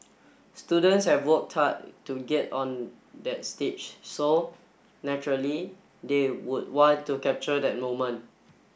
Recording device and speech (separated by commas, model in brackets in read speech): boundary microphone (BM630), read sentence